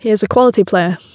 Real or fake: real